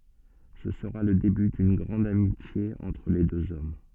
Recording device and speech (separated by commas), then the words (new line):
soft in-ear microphone, read sentence
Ce sera le début d'une grande amitié entre les deux hommes.